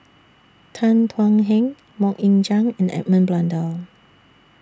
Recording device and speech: standing microphone (AKG C214), read sentence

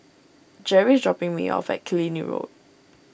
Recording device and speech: boundary microphone (BM630), read sentence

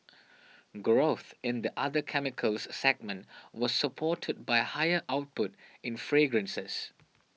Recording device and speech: mobile phone (iPhone 6), read sentence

